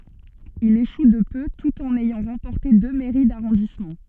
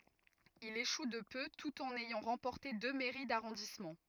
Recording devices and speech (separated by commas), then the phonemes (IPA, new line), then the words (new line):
soft in-ear microphone, rigid in-ear microphone, read sentence
il eʃu də pø tut ɑ̃n ɛjɑ̃ ʁɑ̃pɔʁte dø mɛʁi daʁɔ̃dismɑ̃
Il échoue de peu tout en ayant remporté deux mairies d'arrondissement.